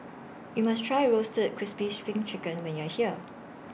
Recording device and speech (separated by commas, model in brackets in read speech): boundary microphone (BM630), read sentence